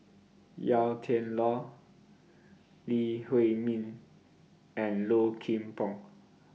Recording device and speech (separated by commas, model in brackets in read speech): mobile phone (iPhone 6), read sentence